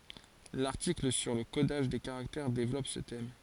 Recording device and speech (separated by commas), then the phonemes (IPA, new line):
forehead accelerometer, read sentence
laʁtikl syʁ lə kodaʒ de kaʁaktɛʁ devlɔp sə tɛm